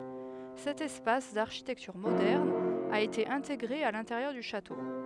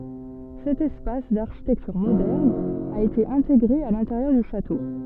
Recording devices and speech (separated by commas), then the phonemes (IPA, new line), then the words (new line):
headset microphone, soft in-ear microphone, read sentence
sɛt ɛspas daʁʃitɛktyʁ modɛʁn a ete ɛ̃teɡʁe a lɛ̃teʁjœʁ dy ʃato
Cet espace, d'architecture moderne, a été intégré à l'intérieur du château.